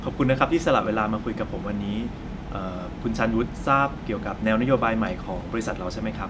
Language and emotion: Thai, neutral